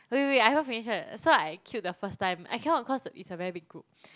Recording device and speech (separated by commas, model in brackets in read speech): close-talking microphone, conversation in the same room